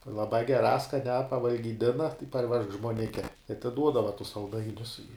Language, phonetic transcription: Lithuanian, laˈbā geˈrā skaˈniā pavalgyˈdina tai parˈvežk žmuoˈnike i atiˈduodava tus salˈdainius i

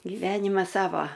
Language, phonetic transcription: Lithuanian, giˈvenimas ˈsava

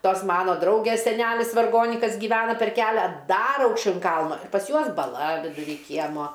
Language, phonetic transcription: Lithuanian, ˈtos ˈmano ˈdraugės seˈnælis varˈgonikas gyˈvena per ˈkelia ˈdar aukšˈčiau in ˈkalno pas ˈjuos baˈla viduˈry ˈkiemo

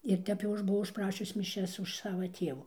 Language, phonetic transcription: Lithuanian, ir ˈtep jau ˈaš buˈvau užˈprašius miˈšias už ˈsava ˈtievų

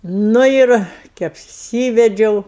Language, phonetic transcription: Lithuanian, ˈnu ir ki apˈsyvedžiau

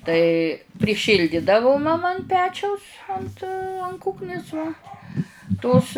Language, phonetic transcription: Lithuanian, tai priˈšyldidavu maˈma an ˈpečiaus ˈant an ˈkūknis va ˈtos

